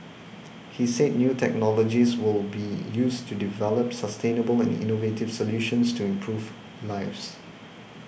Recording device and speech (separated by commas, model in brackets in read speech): boundary microphone (BM630), read sentence